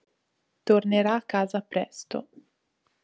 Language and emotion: Italian, neutral